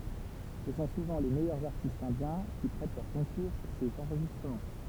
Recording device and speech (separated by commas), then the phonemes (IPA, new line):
temple vibration pickup, read sentence
sə sɔ̃ suvɑ̃ le mɛjœʁz aʁtistz ɛ̃djɛ̃ ki pʁɛt lœʁ kɔ̃kuʁ puʁ sez ɑ̃ʁʒistʁəmɑ̃